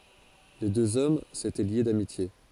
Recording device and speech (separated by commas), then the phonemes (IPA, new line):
forehead accelerometer, read sentence
le døz ɔm setɛ lje damitje